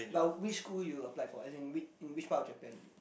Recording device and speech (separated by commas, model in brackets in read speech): boundary microphone, conversation in the same room